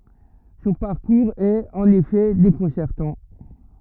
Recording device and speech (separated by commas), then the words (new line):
rigid in-ear microphone, read sentence
Son parcours est, en effet, déconcertant.